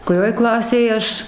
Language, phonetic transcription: Lithuanian, kuˈrioj ˈklasėje ˈaš

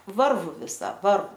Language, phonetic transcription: Lithuanian, ˈvarvu viˈsa ˈvarvu

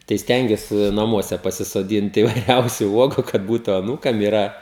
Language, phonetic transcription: Lithuanian, tai ˈstengiuosi naˈmuose pasisoˈdynt įvaiˈriausiu ˈuogu kad ˈbūtu aˈnūkam iˈra

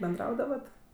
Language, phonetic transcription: Lithuanian, benˈdraudavat

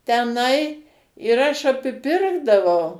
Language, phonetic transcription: Lithuanian, teˈnai ir ˈaš apiˈpirkdavau

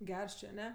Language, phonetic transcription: Lithuanian, ˈgers ˈčė aˈne

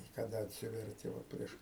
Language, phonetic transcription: Lithuanian, i kaˈda atˈsiverti ˈva ˈprieš

